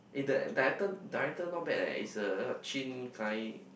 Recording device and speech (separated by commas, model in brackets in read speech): boundary microphone, conversation in the same room